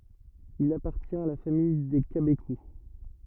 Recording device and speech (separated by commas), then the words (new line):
rigid in-ear microphone, read sentence
Il appartient à la famille des cabécous.